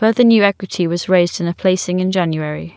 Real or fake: real